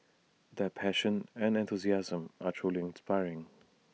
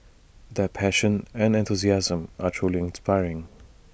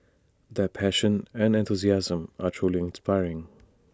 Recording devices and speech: mobile phone (iPhone 6), boundary microphone (BM630), standing microphone (AKG C214), read sentence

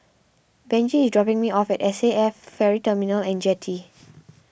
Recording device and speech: boundary microphone (BM630), read sentence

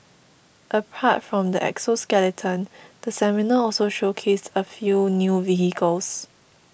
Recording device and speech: boundary microphone (BM630), read sentence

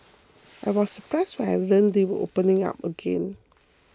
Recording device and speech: close-talking microphone (WH20), read sentence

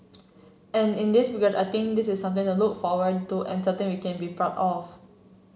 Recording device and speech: mobile phone (Samsung C7), read sentence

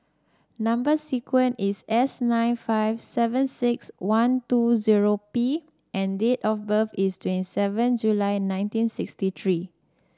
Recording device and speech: standing microphone (AKG C214), read sentence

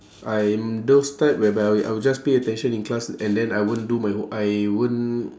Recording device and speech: standing microphone, conversation in separate rooms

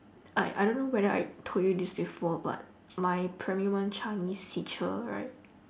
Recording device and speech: standing microphone, conversation in separate rooms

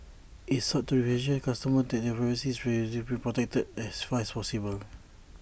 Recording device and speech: boundary microphone (BM630), read sentence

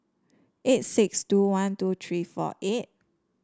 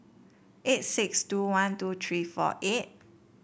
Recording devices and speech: standing microphone (AKG C214), boundary microphone (BM630), read sentence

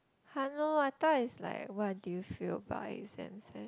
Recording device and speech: close-talking microphone, conversation in the same room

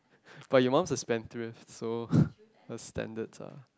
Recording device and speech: close-talking microphone, conversation in the same room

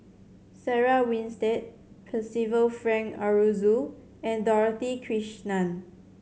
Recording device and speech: mobile phone (Samsung C7100), read sentence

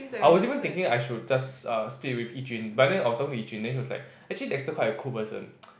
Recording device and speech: boundary microphone, conversation in the same room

